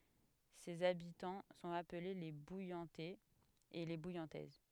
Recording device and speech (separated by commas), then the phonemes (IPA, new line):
headset microphone, read sentence
sez abitɑ̃ sɔ̃t aple le bujɑ̃tɛz e le bujɑ̃tɛz